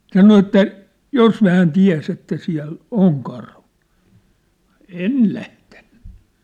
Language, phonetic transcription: Finnish, sano että , » "jos hään 'tiä̭s ‿että siä̭l , "oŋ 'karhu , 'en̳ lähtᴇɴɴʏ ! «
- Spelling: sanoi että jos hän tiesi että siellä on karhu en lähtenyt

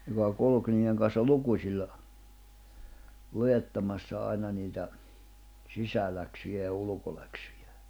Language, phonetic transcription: Finnish, joka 'kulᵘk niiʲeŋ kanssa "lukuśilla , 'lujettamassa 'aina niitä , 'sisäläksyjä ja ulᵘkoläksʏjᴀ̈ .
- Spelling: joka kulki niiden kanssa lukusilla luettamassa aina niitä sisäläksyjä ja ulkoläksyjä

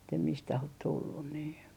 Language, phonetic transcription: Finnish, että mistäh ot 'tullun nii .
- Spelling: että mistä olet tullut niin

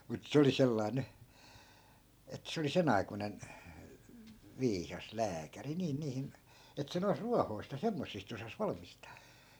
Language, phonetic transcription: Finnish, mut 'se oli 'sellai̮ ny , et 'se oli 'sen ‿aikunen , 'viisas "lääkäri niin (niihin) , et 'se nois "ruahoi̮sᵗ ja 'semmossist ‿osas 'valmistaa .
- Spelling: mutta se oli sellainen nyt että se oli sen aikuinen viisas lääkäri niin niihin että se noissa ruohoista ja semmoisista osasi valmistaa

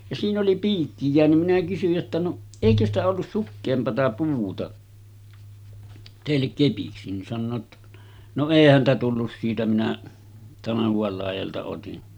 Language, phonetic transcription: Finnish, ja siin ‿oli 'piikki jeänym minä kysyj jotta » no , 'èikö ‿stä ollus 'sukkeempata puuta , tèillek kepiksi « nin sannoo ‿ttᴀ , » no 'èi häntä tullus siitä minä , 'tanahuval làijalta otin .
- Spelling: ja siinä oli piikki jäänyt minä kysyin jotta no eikö sitä ollut sukeampaa puuta teille kepiksi niin sanoo jotta no ei häntä tullut siitä minä tanhuan laidalta otin

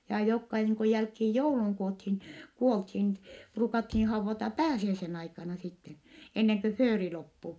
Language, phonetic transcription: Finnish, jaa jokka niiŋ ku jälkhiij jouluŋ kuothin kuolthin , pruukathii hauvvata pääsiäisen ‿aikana sitten , enneŋ kö fööri loppu .
- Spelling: ja jotka niin kuin jälkeen joulun - kuoltiin ruukattiin haudata pääsiäisen aikana sitten ennen kuin fööri loppui

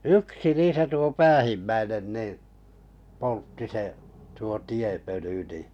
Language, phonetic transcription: Finnish, yksi "niisä tuo 'päähimmäinen nì , 'poltti se , tuo 'tiepöly ni .
- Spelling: yksi niissä tuo päähimmäinen niin poltti se tuo tiepöly niin

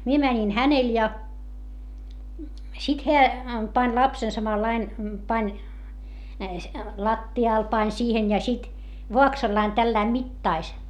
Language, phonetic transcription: Finnish, mie mäńin hänel ja , sit heä , pań lapsen samallain , pań , latti₍àl pań siihen ja sit , voaksallain tälläi mittais .
- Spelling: minä menin hänelle ja sitten hän pani lapsen samalla lailla pani lattialle pani siihen ja sitten vaaksallaan tällä lailla mittasi

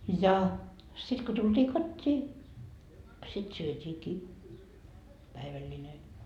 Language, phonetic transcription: Finnish, ja , 'sit ko tultii "kot́t́ii , sit 'syöt́iikii , 'päiväĺĺine .
- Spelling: ja sitten kun tultiin kotiin sitten syötiinkin päivällinen

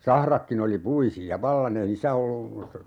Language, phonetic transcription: Finnish, 'sahrakkin ‿oli 'puisi₍a "vallan ‿ei 'niissä ollu , .
- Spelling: sahratkin oli puisia vallan ei niissä ollut

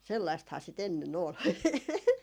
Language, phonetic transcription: Finnish, 'sellaisthaa si't ‿enne'n ‿ol .
- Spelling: sellaistahan sitä ennen oli

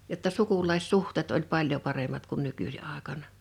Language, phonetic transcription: Finnish, jotta 'sukuĺais'suh̀tèt oĺ 'paĺjo 'paremat kun 'nuku(si) àekana .
- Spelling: jotta sukulaissuhteet oli paljon paremmat kuin nykyisin aikana

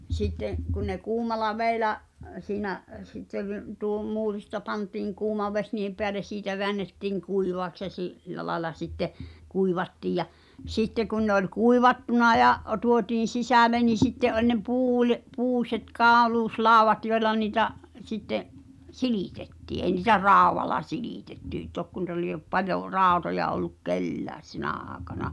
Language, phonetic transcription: Finnish, 'sitte’ , kun ne 'kuumal̆la 'vèi̬lä͔’ , siinä’ , sitte vi- , tuo "muurista pantiiŋ 'kuuma 'veś niihem peäles 'siitä veännettiiŋ 'kuivàks ja si’- , -ⁱlla̳ laĕla sitte , 'kuivattiij ja , "sitte kun ne ‿oĺ "kuivattuna ja’ , tuotiin̬ 'sisä̀le ni 'sitte’ ’oĺ ne 'puuil- , 'puuśet 'kaaluus'làu̬vat joila ni̳ta̳’ , sitte’ , "silìtettii eĭ ni̳tä "ràuwala silìtetty , 'tokko nuⁱta liep 'paljo , 'ràotoja olluk "kellääs 'sinä̀ aaᵉkana .
- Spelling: sitten kun ne kuumalla vedellä siinä sitten - tuo muurista pantiin kuuma vesi niiden päälle siitä väännettiin kuivaksi ja - sillä lailla sitten kuivattiin ja sitten kun ne oli kuivattuna ja tuotiin sisälle niin sitten oli ne - puiset kauluslaudat joilla niitä sitten silitettiin ei niitä raudalla silitetty tokko noita lie paljon rautoja ollut kenelläkään sinä aikana

